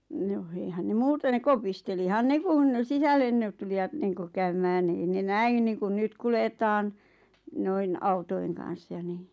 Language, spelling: Finnish, no eihän ne muuten ne kopistelihan ne kun sisälle niin tulijat niin kuin käymään niin ei ne näin niin kuin nyt kuljetaan noin autojen kanssa ja niin
- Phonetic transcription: 'noh "eihän ne "muuten ⁿᵉ "kopistelihan "ne kun "sisällen ʿⁿᵉʾ tuli₍at niiŋkuʰ 'käymään ⁿⁱ 'ᵉⁱ ne "näin niiŋkun 'nyt kuletaan , 'noin "autoi̬ŋ kan̬s 'ja ni .

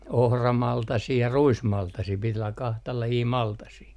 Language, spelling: Finnish, ohramaltasia ja ruismaltasia piti olla kahta lajia maltasia
- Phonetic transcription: "ohramaltasii ja "ruismaltasii pit ‿olla kahta lajii 'maltasii .

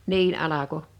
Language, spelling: Finnish, niin alkoi
- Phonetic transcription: 'niin '’alako .

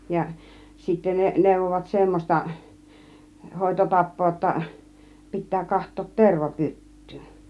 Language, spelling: Finnish, ja sitten ne neuvoivat semmoista - hoitotapaa jotta pitää katsoa - tervapyttyyn
- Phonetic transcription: ja , sittä 'ne , nèuvovat 'semmos̆ta , 'hòito 'tap̆poo °tta , 'pit̆tää 'kaht̆toot 'terva 'pyt̀tyyn .

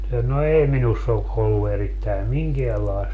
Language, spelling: Finnish, no ei minussa ole ollut erittäin minkäänlaista
- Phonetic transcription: no "ei 'minuss ‿o ʼollu erittäi "miŋkeälaest , .

